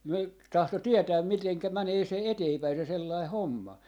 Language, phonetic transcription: Finnish, 'ne ‿k- , 'tahto 'tietääm 'miteŋkä 'mänee 'se "eteepäi se sellai "homma .
- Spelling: ne - tahtoi tietää miten menee se eteenpäin se sellainen homma

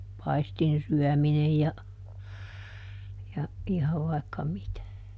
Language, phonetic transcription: Finnish, "paistinˈsyɔ̈̀minej ja , ja , ˈihav vaikka "mitä .
- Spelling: paistinsyöminen ja ja ihan vaikka mitä

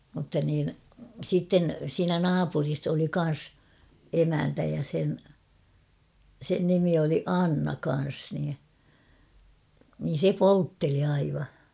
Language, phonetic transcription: Finnish, mutta niin , 'sitten siinä "naapuris ‿oli 'kan̬s , 'emäntä ja sen , 'sen nimi oli "Anna 'kan̬s nii , niin̬ "se "poltteli aiva .
- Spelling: mutta niin sitten siinä naapurissa oli kanssa emäntä ja sen sen nimi oli Anna kanssa niin niin se poltteli aivan

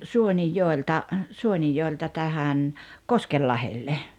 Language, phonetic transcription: Finnish, 'Suonijjoelta , 'Suonijjoelta tähän , "Koskellahelle .
- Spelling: Suonenjoelta Suonenjoelta tähän Koskenlahdelle

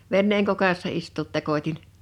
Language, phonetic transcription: Finnish, 'venneeŋ 'kokassa istuut 'tekot́in .
- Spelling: veneen kokassa istua tekotin

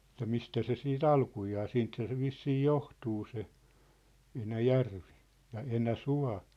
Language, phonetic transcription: Finnish, ĕttä 'mistä 'se 'sii"t ‿alkujaa 'siinthä se 'vissii "johtuu se , 'Enä"järvi , ja 'Enä"sua̭ .
- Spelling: että mistä se sitten alkujaan siitähän se vissiin johtuu se Enäjärvi ja Enäsuo

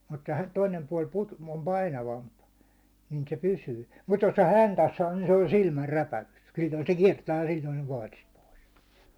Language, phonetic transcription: Finnish, mutta hä- , toinem puàl put- , om 'painavamp , nin se 'pysyy , mut 'jos se "häntäs sa nin se on "silmär'räpä₍ykses , 'sil̜l̜oi se 'kiɛrtää ja sil̜l̜oi sᴇ ᴏᴍ 'paatist 'pois .
- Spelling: mutta - toinen puoli - on painavampi niin se pysyy mutta jos se häntänsä saa niin se on silmänräpäyksessä silloin se kiertää ja silloin se on paatista pois

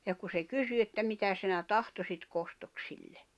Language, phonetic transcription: Finnish, ja ku se 'kysy että » 'mitä sinä "tahtosit 'kostok sille « .
- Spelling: ja kun se kysyi että mitä sinä tahtoisit kostoksi sille

